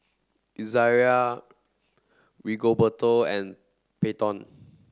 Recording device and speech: standing microphone (AKG C214), read sentence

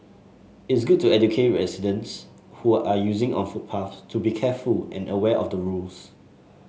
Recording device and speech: mobile phone (Samsung S8), read sentence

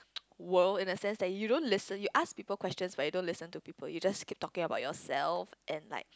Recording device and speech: close-talking microphone, conversation in the same room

